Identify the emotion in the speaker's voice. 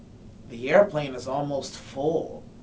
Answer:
disgusted